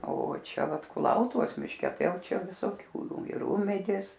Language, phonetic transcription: Lithuanian, o ˈčia ˈvat kuˈlautuvos mišˈke ˈtai ˈjauˈčia visoˈkių ir ˈūmedės

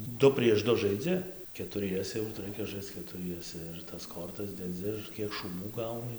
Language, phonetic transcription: Lithuanian, ˈdu prieš ˈdu žaiˈdzi ketuˈriese jau tai ˈraikia ˈžaisc ketuˈriese ir tas ˈkortas deˈdzi ir ˈkiek šūˈbų ˈgauni

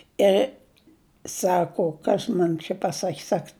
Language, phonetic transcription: Lithuanian, ˈir ˈsako ˈkas man čia paˈsak' ˈsak

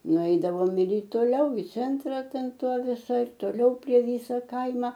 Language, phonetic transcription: Lithuanian, nuˈeidavom ir i toˈliau i ˈcentra ˈten ˈto viˈsai ir toˈliau prie ˈvysa ˈkaima

